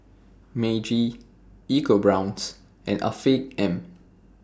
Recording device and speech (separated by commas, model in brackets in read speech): standing microphone (AKG C214), read sentence